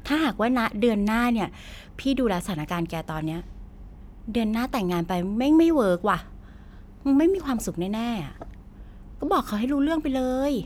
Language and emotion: Thai, frustrated